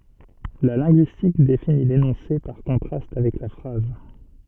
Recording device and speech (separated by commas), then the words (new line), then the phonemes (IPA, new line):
soft in-ear microphone, read sentence
La linguistique définit l'énoncé par contraste avec la phrase.
la lɛ̃ɡyistik defini lenɔ̃se paʁ kɔ̃tʁast avɛk la fʁaz